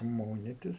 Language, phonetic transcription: Lithuanian, ˈmonitis

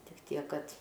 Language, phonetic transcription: Lithuanian, tik ˈtiek ˈkad

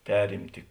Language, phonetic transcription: Lithuanian, ˈperimti

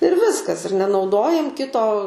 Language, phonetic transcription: Lithuanian, ir ˈviskas ir nenauˈdojam ˈkito

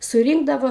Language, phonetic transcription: Lithuanian, suˈrynkdavo

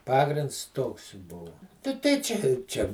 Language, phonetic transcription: Lithuanian, ˈpagrinds ˈtoks ˈbuvu ta tai ˈčia i ˈčia

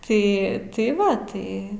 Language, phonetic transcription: Lithuanian, ˈtai ˈtai ˈva ˈtai

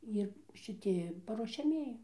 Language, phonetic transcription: Lithuanian, ˈir šiˈti paruošiaˈmieji

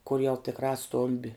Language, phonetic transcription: Lithuanian, kur jau tikˈrā ˈstombi

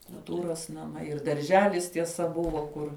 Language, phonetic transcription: Lithuanian, kulˈtūros naˈmai ir darˈželis tieˈsa ˈbuvo ˈkur

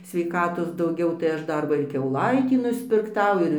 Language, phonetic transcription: Lithuanian, sveiˈkatos dauˈgiau tai ˈaš ˈdar ˈva ir kiauˈlaitį nuspirkˈtau ˈir

